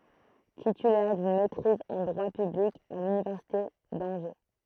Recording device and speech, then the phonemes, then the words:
throat microphone, read sentence
titylɛʁ dyn mɛtʁiz ɑ̃ dʁwa pyblik a lynivɛʁsite dɑ̃ʒe
Titulaire d'une maîtrise en droit public à l'université d'Angers.

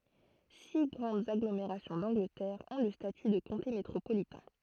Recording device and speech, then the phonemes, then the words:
throat microphone, read sentence
si ɡʁɑ̃dz aɡlomeʁasjɔ̃ dɑ̃ɡlətɛʁ ɔ̃ lə staty də kɔ̃te metʁopolitɛ̃
Six grandes agglomérations d'Angleterre ont le statut de comté métropolitain.

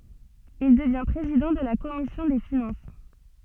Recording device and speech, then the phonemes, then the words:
soft in-ear microphone, read sentence
il dəvjɛ̃ pʁezidɑ̃ də la kɔmisjɔ̃ de finɑ̃s
Il devient président de la Commission des finances.

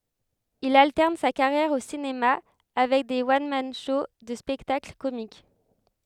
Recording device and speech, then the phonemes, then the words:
headset microphone, read sentence
il altɛʁn sa kaʁjɛʁ o sinema avɛk de wɔn man ʃow də spɛktakl komik
Il alterne sa carrière au cinéma avec des one-man shows de spectacles comiques.

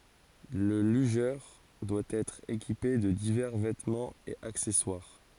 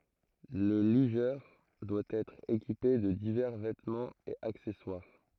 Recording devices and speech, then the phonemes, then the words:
forehead accelerometer, throat microphone, read sentence
lə lyʒœʁ dwa ɛtʁ ekipe də divɛʁ vɛtmɑ̃z e aksɛswaʁ
Le lugeur doit être équipé de divers vêtements et accessoires.

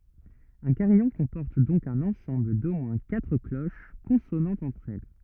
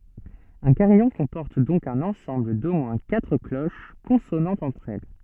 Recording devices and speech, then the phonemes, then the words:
rigid in-ear microphone, soft in-ear microphone, read sentence
œ̃ kaʁijɔ̃ kɔ̃pɔʁt dɔ̃k œ̃n ɑ̃sɑ̃bl do mwɛ̃ katʁ kloʃ kɔ̃sonɑ̃tz ɑ̃tʁ ɛl
Un carillon comporte donc un ensemble d'au moins quatre cloches consonantes entre elles.

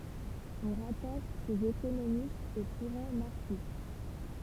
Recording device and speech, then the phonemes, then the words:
temple vibration pickup, read sentence
ɔ̃ ʁataʃ sez ekonomistz o kuʁɑ̃ maʁksist
On rattache ces économistes au courant marxiste.

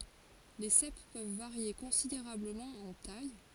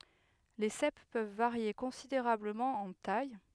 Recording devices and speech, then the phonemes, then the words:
forehead accelerometer, headset microphone, read sentence
le sɛp pøv vaʁje kɔ̃sideʁabləmɑ̃ ɑ̃ taj
Les cèpes peuvent varier considérablement en taille.

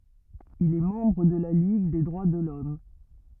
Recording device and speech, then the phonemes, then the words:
rigid in-ear microphone, read sentence
il ɛ mɑ̃bʁ də la liɡ de dʁwa də lɔm
Il est membre de la Ligue des droits de l'Homme.

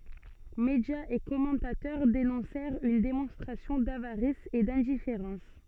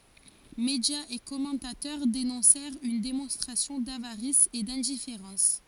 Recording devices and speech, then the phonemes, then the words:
soft in-ear microphone, forehead accelerometer, read sentence
medjaz e kɔmɑ̃tatœʁ denɔ̃sɛʁt yn demɔ̃stʁasjɔ̃ davaʁis e dɛ̃difeʁɑ̃s
Médias et commentateurs dénoncèrent une démonstration d'avarice et d'indifférence.

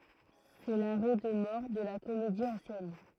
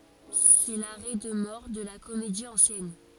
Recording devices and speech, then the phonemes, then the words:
throat microphone, forehead accelerometer, read sentence
sɛ laʁɛ də mɔʁ də la komedi ɑ̃sjɛn
C'est l'arrêt de mort de la comédie ancienne.

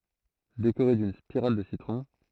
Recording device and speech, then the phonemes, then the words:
throat microphone, read sentence
dekoʁe dyn spiʁal də sitʁɔ̃
Décorer d'une spirale de citron.

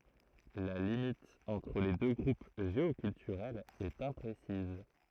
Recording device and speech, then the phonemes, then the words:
throat microphone, read sentence
la limit ɑ̃tʁ le dø ɡʁup ʒeokyltyʁɛlz ɛt ɛ̃pʁesiz
La limite entre les deux groupes géoculturels est imprécise.

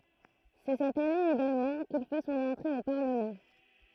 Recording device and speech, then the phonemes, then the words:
throat microphone, read sentence
sɛ sɛt ane eɡalmɑ̃ kil fɛ sɔ̃n ɑ̃tʁe o paʁləmɑ̃
C'est cette année également qu'il fait son entrée au Parlement.

